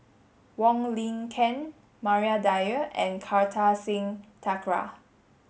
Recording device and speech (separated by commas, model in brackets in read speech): mobile phone (Samsung S8), read sentence